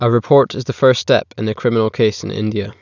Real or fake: real